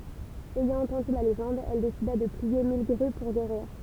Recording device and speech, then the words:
temple vibration pickup, read sentence
Ayant entendu la légende, elle décida de plier mille grues pour guérir.

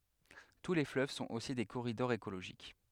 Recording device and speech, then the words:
headset microphone, read sentence
Tous les fleuves sont aussi des corridors écologiques.

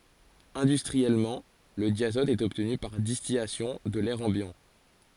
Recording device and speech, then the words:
forehead accelerometer, read sentence
Industriellement, le diazote est obtenu par distillation de l'air ambiant.

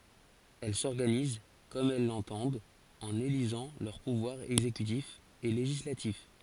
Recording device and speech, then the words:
forehead accelerometer, read sentence
Elle s'organisent comme elles l'entendent en élisant leurs pouvoirs exécutif et législatif.

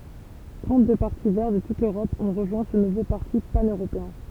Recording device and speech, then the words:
temple vibration pickup, read sentence
Trente-deux partis Verts de toute l'Europe ont rejoint ce nouveau parti pan-européen.

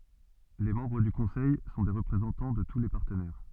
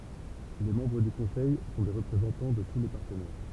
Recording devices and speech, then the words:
soft in-ear microphone, temple vibration pickup, read sentence
Les membres du Conseil sont des représentants de tous les partenaires.

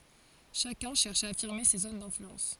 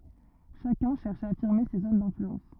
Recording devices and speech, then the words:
forehead accelerometer, rigid in-ear microphone, read sentence
Chacun cherche à affirmer ses zones d’influence.

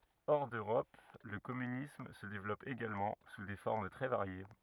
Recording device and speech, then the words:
rigid in-ear microphone, read sentence
Hors d'Europe, le communisme se développe également, sous des formes très variées.

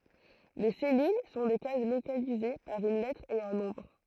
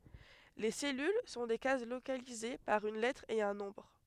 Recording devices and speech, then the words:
throat microphone, headset microphone, read sentence
Les cellules sont des cases localisées par une lettre et un nombre.

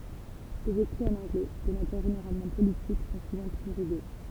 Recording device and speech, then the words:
temple vibration pickup, read sentence
Ses écrits en anglais, de nature généralement politique, sont souvent plus rugueux.

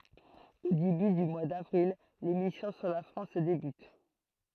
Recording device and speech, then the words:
throat microphone, read sentence
Au début du mois d'avril, les missions sur la France débutent.

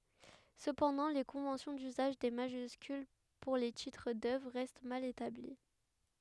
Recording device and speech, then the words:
headset microphone, read sentence
Cependant les conventions d'usage des majuscules pour les titres d'œuvres restent mal établies.

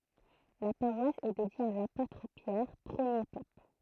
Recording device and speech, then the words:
throat microphone, read sentence
La paroisse est dédiée à l'apôtre Pierre, premier pape.

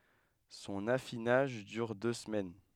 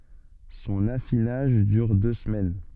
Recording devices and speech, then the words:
headset microphone, soft in-ear microphone, read sentence
Son affinage dure deux semaines.

